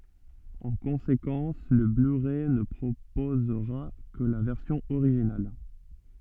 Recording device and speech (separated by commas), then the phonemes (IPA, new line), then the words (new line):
soft in-ear microphone, read sentence
ɑ̃ kɔ̃sekɑ̃s lə blyʁɛ nə pʁopozʁa kə la vɛʁsjɔ̃ oʁiʒinal
En conséquence, le blu-ray ne proposera que la version originale.